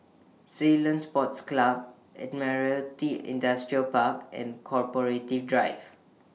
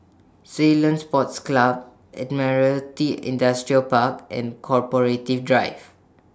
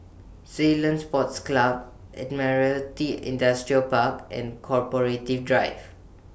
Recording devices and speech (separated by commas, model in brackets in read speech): mobile phone (iPhone 6), standing microphone (AKG C214), boundary microphone (BM630), read sentence